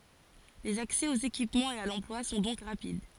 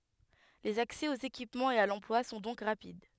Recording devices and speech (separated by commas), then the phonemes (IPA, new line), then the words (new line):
forehead accelerometer, headset microphone, read sentence
lez aksɛ oz ekipmɑ̃z e a lɑ̃plwa sɔ̃ dɔ̃k ʁapid
Les accès aux équipements et à l'emploi sont donc rapides.